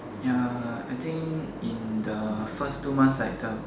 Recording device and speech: standing microphone, conversation in separate rooms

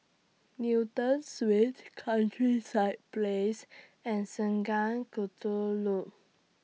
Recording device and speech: mobile phone (iPhone 6), read sentence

